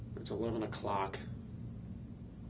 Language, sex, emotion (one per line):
English
male
disgusted